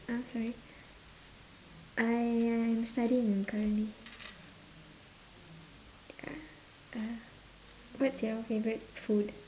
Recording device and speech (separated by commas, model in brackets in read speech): standing microphone, conversation in separate rooms